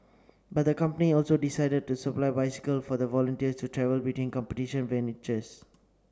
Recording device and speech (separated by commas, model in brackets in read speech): standing microphone (AKG C214), read sentence